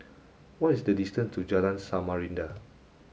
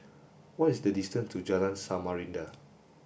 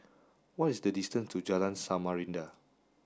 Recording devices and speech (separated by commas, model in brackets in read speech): mobile phone (Samsung S8), boundary microphone (BM630), standing microphone (AKG C214), read sentence